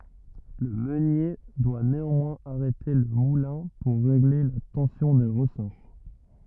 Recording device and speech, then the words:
rigid in-ear microphone, read sentence
Le meunier doit néanmoins arrêter le moulin pour régler la tension des ressorts.

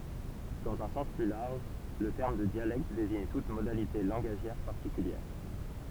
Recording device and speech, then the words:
temple vibration pickup, read sentence
Dans un sens plus large, le terme de dialecte désigne toute modalité langagière particulière.

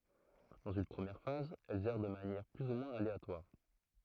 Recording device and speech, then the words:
throat microphone, read sentence
Dans une première phase, elles errent de manière plus ou moins aléatoire.

